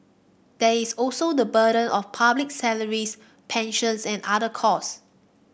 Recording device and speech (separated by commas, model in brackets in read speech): boundary microphone (BM630), read sentence